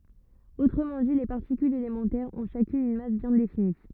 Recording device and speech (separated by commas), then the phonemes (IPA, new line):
rigid in-ear microphone, read sentence
otʁəmɑ̃ di le paʁtikylz elemɑ̃tɛʁz ɔ̃ ʃakyn yn mas bjɛ̃ defini